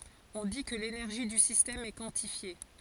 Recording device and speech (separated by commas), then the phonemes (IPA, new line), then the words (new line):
forehead accelerometer, read sentence
ɔ̃ di kə lenɛʁʒi dy sistɛm ɛ kwɑ̃tifje
On dit que l'énergie du système est quantifiée.